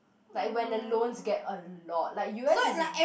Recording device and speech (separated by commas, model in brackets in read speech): boundary microphone, conversation in the same room